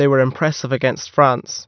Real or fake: real